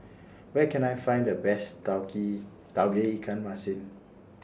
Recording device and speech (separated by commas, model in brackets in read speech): standing microphone (AKG C214), read sentence